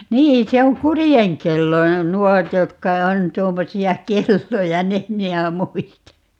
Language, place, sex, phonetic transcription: Finnish, Paavola, female, "nii 'se oŋ "kurijeŋkelloja "nuot 'jotka 'on 'tuommosi₍a "kelloja - ("nyt) 'minä "muista .
- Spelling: niin se on kurjenkelloja nuo jotka on tuommoisia kelloja nyt minä muistan

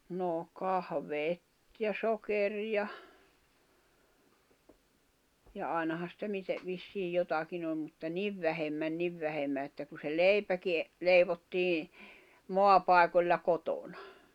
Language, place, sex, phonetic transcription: Finnish, Jämsä, female, noo 'kahveet ja 'sokeriʲa , ja 'ài̬naha sⁱtä 'mite , vissiij 'jotakin ‿ol mutta "niv vähemmän "niv vähemmä että ku se "leipäki , 'leivottii , 'moapài̬koĺla 'kotoɴᴀ .
- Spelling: no kahvit ja sokeria ja ainahan sitä miten vissiin jotakin oli mutta niin vähemmän niin vähemmän että kun se leipäkin leivottiin maapaikoilla kotona

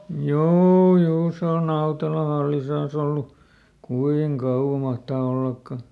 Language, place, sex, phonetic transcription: Finnish, Lieto, male, "juu ˈjuu se on ˈNautela ˈhallisan ‿ollu , "kuiŋ "kauwa ˈmahtaa ˈollakka .
- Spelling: juu juu se on Nautelan hallinnassa ollut kuinka kauan mahtaa ollakaan

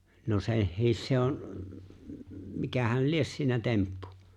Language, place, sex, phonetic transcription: Finnish, Lapinlahti, male, no 'se̬hhiis se 'on̬ , m- 'mikähäl "lies siinä 'temppᴜ .
- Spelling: no sekin se on - mikähän lie siinä temppu

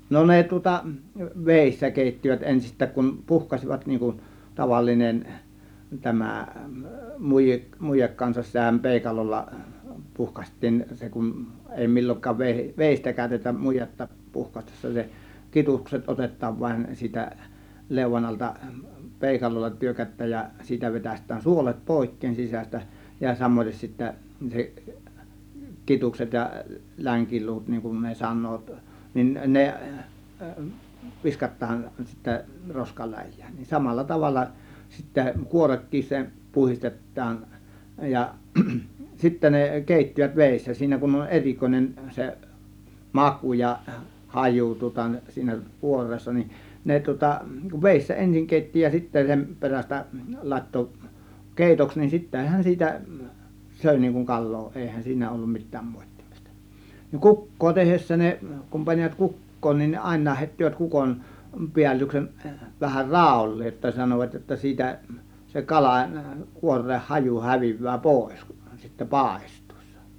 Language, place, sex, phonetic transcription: Finnish, Kiihtelysvaara, male, no 'ne tŭŏta , "vèissä 'kèittivät 'ensist̆tääk kun , "puhkasivat niiŋ kun , 'tavallinen , 'tämä̀ , 'mùi- , 'mujek kansas s(itä)hän 'pèikalolla 'puhkaśt̆tiin , 'se kun , èi 'mil͕l͕oŋk̆kaav ve- , "vèistä 'kä̀ö̇tetäm 'mujetta puhkastessa se , 'kitukset 'otet̆taav vaⁱn siitä , 'lèuvan alta , 'pèikalolla 'tyrkät̆tääj ja siitä vetäst̆tään "suolet "pòėkkeen sisäs̆tä , ja 'samoites sittä , 'se , "kitukset ja , "läŋkiluut niŋ kun ne 'san̆noot , nin 'ne , 'viskat̆taan sittä , 'roskaläj̆jÄÄN , nin 'samalla 'tavalla sittä , 'kuorekkis se , 'puhistet̆taan , ja , 'sittä ne , 'kèittivät 'vèissä , 'siinä kun on "er͕ikoinen 'se , makù ja "hajù tŭŏta siinä "kuor̆reessa nin , 'ne tŭŏta , 'vèissä 'ensiŋ 'kèitti ja 'sitte§ sem peräs̆tä , 'làėtto , "kèitoks nin 'sittehän siitä , 'sö̀ė niiŋ kuŋ "kal̆loo 'ˀèihän 'siinä ollum 'mi̬t̆tääm 'mòėttIMIstA , ni "kuk̀koo 'tehessä ne , kum panivat "kuk̀koon nin 'àėǹaah hèittivät 'kukon , 'piällyksen , vähär "ràul̀leej jotta sanovat jotta , 'siitä , se "kalà , 'kuor̆reeh 'haju 'häviv̆vää "pòės kUN sittä 'pàe̬st̀UIssA .
- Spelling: no ne tuota vedessä keittivät ensistään kun puhkaisivat niin kuin tavallinen tämä - muje kanssa sitähän peukalolla puhkaistiin se kun ei milloinkaan - veistä käytetä mujetta puhkaistessa se kidukset otetaan vain siitä leuan alta peukalolla tyrkätään ja siitä vetäistään suolet poikki sisästä ja samaten sitten se kidukset ja länkiluut niin kuin ne sanovat niin ne viskataan sitten roskaläjään niin samalla tavalla sitten kuorekin se puhdistetaan ja sitten ne keittivät vedessä siinä kun on erikoinen se maku ja haju tuota siinä kuoreessa niin ne tuota vedessä ensin keitti ja sitten sen perästä laittoi keitoksi niin sittenhän siitä söi niin kuin kalaa eihän siinä ollut mitään moittimista niin kukkoa tehdessä ne kun panivat kukkoon niin aina heittivät kukon päällyksen vähän raolleen jotta sanoivat jotta siitä se kala kuoreen haju häviää pois kun sitten paistuessa

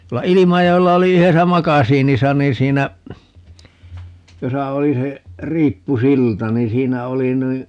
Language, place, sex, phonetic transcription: Finnish, Paavola, male, 'tuolla "Ilimajo₍ella 'oli 'yhesä "makasiinisa nii 's̀iinä , 'josa 'oli se , 'riippu"silta ni 'siinä 'oli (nui) ,.
- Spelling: tuolla Ilmajoella oli yhdessä makasiinissa niin siinä jossa oli se riippusilta niin siinä oli noin

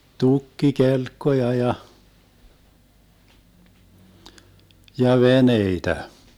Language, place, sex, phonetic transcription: Finnish, Vermlanti, male, 'tukki"kelkkoja 'ja , 'ja "veneitä .
- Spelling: tukkikelkkoja ja ja veneitä

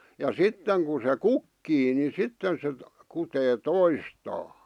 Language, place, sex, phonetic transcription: Finnish, Vihti, male, ja "sitteŋ ku se "kukkii ni 'sitten se , kutee "toistaa .
- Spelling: ja sitten kun se kukkii niin sitten se kutee toistaan

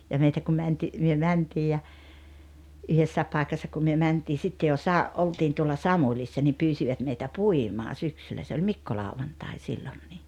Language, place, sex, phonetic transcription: Finnish, Rautalampi, female, ja 'meitä ku 'mänti- , myö "mäntii ja , 'yhessää̀ep 'pàekassa kum myö 'mäntii 'sitte jo "sa- , '"oltiin tuolla "Samuĺissa nim 'pyysivat meitä "puimaa 'syksyllä se oĺ "mikkolàuvantai 'sillonnii .
- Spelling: ja meitä kun - me mentiin ja yhdessä paikassa kun me mentiin sitten jo - oltiin tuolla Samulissa niin pyysivät meitä puimaan syksyllä se oli Mikkolauantai silloinkin

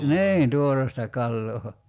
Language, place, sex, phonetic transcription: Finnish, Kerimäki, male, "niin 'tuoresta 'kalloo .
- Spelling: niin tuoretta kalaa

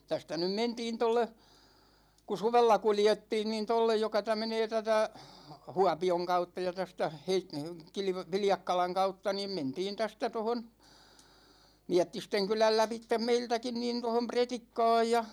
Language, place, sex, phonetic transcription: Finnish, Ikaalinen, male, 'tästä nym "mentiin tolle , ku "suvella 'kuljettiin niin 'tollej joka tä- 'menee 'tätä , "Huapi₍oŋ 'kautta ja 'tästä , 'Heit- , 'Kilv- , "Viljakkalaŋ 'kautta niim 'mentiin 'tästä tohon , "Miättisteŋkyläl 'läpittem 'meiltäkin nin tohom "Pretikka̭a̭j ja ,.
- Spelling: tästä nyt mentiin tuolle kun suvella kuljettiin niin tuolle joka - menee tätä Huopion kautta ja tästä - - Viljakkalan kautta niin mentiin tästä tuohon Miettistenkylän lävitse meiltäkin niin tuohon Pretikkaan ja

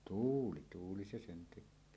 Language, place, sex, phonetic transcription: Finnish, Suomussalmi, male, tuuli , 'tuuli se sen tek̆köö .
- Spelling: tuuli tuuli se sen tekee

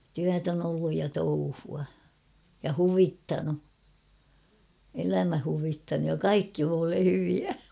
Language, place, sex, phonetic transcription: Finnish, Kauhava, female, 'tyät ‿on ‿olluj ja 'touhua , ja "huvittanu , 'elämä huvittanuj ja "kaikki (mulle) 'hyviä .
- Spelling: työtä on ollut ja touhua ja huvittanut elämä huvittanut ja kaikki minulle hyviä

